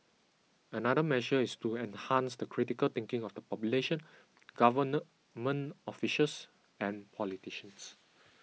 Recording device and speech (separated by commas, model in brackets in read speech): mobile phone (iPhone 6), read sentence